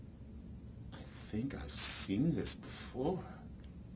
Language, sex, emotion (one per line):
English
male
fearful